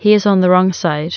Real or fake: real